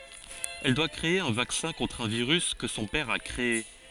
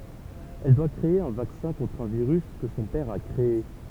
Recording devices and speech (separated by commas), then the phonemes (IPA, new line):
forehead accelerometer, temple vibration pickup, read sentence
ɛl dwa kʁee œ̃ vaksɛ̃ kɔ̃tʁ œ̃ viʁys kə sɔ̃ pɛʁ a kʁee